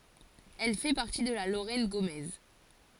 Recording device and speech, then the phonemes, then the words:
forehead accelerometer, read sentence
ɛl fɛ paʁti də la loʁɛn ɡomɛz
Elle fait partie de la Lorraine gaumaise.

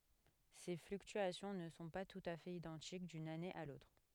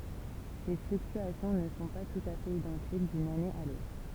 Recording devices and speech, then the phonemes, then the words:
headset microphone, temple vibration pickup, read sentence
se flyktyasjɔ̃ nə sɔ̃ pa tut a fɛt idɑ̃tik dyn ane a lotʁ
Ces fluctuations ne sont pas tout à fait identiques d'une année à l'autre.

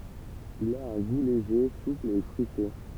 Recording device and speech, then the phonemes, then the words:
temple vibration pickup, read sentence
il a œ̃ ɡu leʒe supl e fʁyite
Il a un goût léger, souple et fruité.

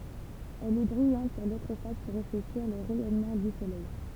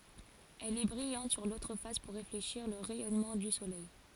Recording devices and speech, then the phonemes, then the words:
temple vibration pickup, forehead accelerometer, read sentence
ɛl ɛ bʁijɑ̃t syʁ lotʁ fas puʁ ʁefleʃiʁ lə ʁɛjɔnmɑ̃ dy solɛj
Elle est brillante sur l'autre face pour réfléchir le rayonnement du Soleil.

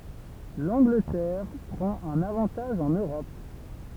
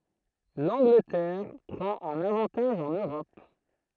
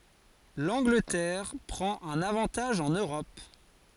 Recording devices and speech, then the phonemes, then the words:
temple vibration pickup, throat microphone, forehead accelerometer, read sentence
lɑ̃ɡlətɛʁ pʁɑ̃t œ̃n avɑ̃taʒ ɑ̃n øʁɔp
L'Angleterre prend un avantage en Europe.

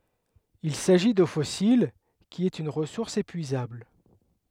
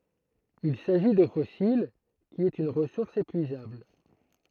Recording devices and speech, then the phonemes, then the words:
headset microphone, throat microphone, read sentence
il saʒi do fɔsil ki ɛt yn ʁəsuʁs epyizabl
Il s'agit d'eau fossile, qui est une ressource épuisable.

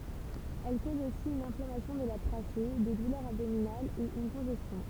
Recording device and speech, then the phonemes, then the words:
temple vibration pickup, read sentence
ɛl koz osi yn ɛ̃flamasjɔ̃ də la tʁaʃe de dulœʁz abdominalz e yn kɔ̃ʒɛstjɔ̃
Elle cause aussi une inflammation de la trachée, des douleurs abdominales et une congestion.

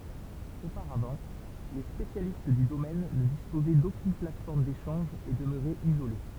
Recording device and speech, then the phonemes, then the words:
temple vibration pickup, read sentence
opaʁavɑ̃ le spesjalist dy domɛn nə dispozɛ dokyn platfɔʁm deʃɑ̃ʒ e dəmøʁɛt izole
Auparavant, les spécialistes du domaine ne disposaient d’aucune plateforme d’échange et demeuraient isolés.

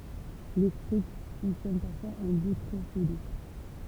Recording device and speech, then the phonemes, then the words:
temple vibration pickup, read sentence
letʁysk fɔ̃ksjɔn paʁfwaz ɑ̃ bustʁofedɔ̃
L'étrusque fonctionne parfois en boustrophédon.

